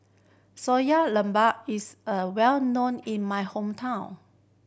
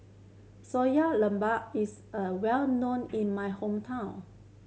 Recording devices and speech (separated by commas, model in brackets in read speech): boundary microphone (BM630), mobile phone (Samsung C7100), read sentence